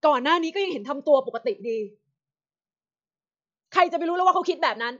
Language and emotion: Thai, angry